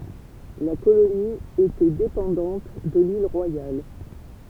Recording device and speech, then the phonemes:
temple vibration pickup, read sentence
la koloni etɛ depɑ̃dɑ̃t də lil ʁwajal

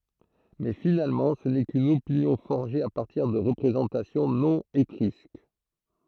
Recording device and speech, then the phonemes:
throat microphone, read sentence
mɛ finalmɑ̃ sə nɛ kyn opinjɔ̃ fɔʁʒe a paʁtiʁ də ʁəpʁezɑ̃tasjɔ̃ nɔ̃ etʁysk

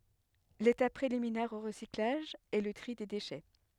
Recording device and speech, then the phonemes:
headset microphone, read sentence
letap pʁeliminɛʁ o ʁəsiklaʒ ɛ lə tʁi de deʃɛ

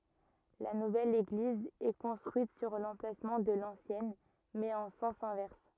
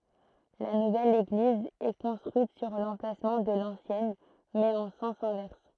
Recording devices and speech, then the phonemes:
rigid in-ear microphone, throat microphone, read sentence
la nuvɛl eɡliz ɛ kɔ̃stʁyit syʁ lɑ̃plasmɑ̃ də lɑ̃sjɛn mɛz ɑ̃ sɑ̃s ɛ̃vɛʁs

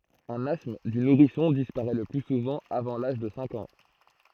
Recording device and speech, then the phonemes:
throat microphone, read sentence
œ̃n astm dy nuʁisɔ̃ dispaʁɛ lə ply suvɑ̃ avɑ̃ laʒ də sɛ̃k ɑ̃

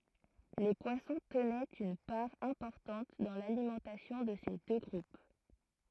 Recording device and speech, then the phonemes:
throat microphone, read sentence
le pwasɔ̃ tənɛt yn paʁ ɛ̃pɔʁtɑ̃t dɑ̃ lalimɑ̃tasjɔ̃ də se dø ɡʁup

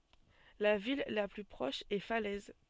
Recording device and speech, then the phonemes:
soft in-ear microphone, read sentence
la vil la ply pʁɔʃ ɛ falɛz

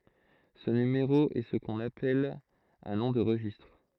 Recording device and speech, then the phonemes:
throat microphone, read sentence
sə nymeʁo ɛ sə kɔ̃n apɛl œ̃ nɔ̃ də ʁəʒistʁ

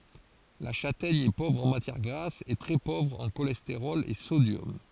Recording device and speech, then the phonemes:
forehead accelerometer, read sentence
la ʃatɛɲ ɛ povʁ ɑ̃ matjɛʁ ɡʁas e tʁɛ povʁ ɑ̃ ʃolɛsteʁɔl e sodjɔm

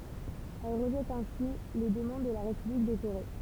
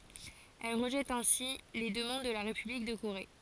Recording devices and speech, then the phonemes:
temple vibration pickup, forehead accelerometer, read sentence
ɛl ʁəʒɛt ɛ̃si le dəmɑ̃d də la ʁepyblik də koʁe

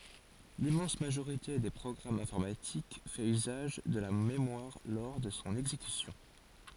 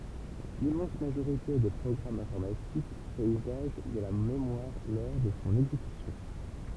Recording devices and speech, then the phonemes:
forehead accelerometer, temple vibration pickup, read sentence
limmɑ̃s maʒoʁite de pʁɔɡʁamz ɛ̃fɔʁmatik fɛt yzaʒ də la memwaʁ lɔʁ də sɔ̃ ɛɡzekysjɔ̃

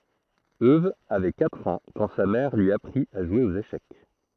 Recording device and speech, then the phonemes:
throat microphone, read sentence
øw avɛ katʁ ɑ̃ kɑ̃ sa mɛʁ lyi apʁit a ʒwe oz eʃɛk

